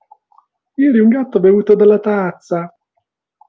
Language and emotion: Italian, happy